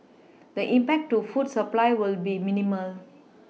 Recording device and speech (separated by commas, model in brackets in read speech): mobile phone (iPhone 6), read sentence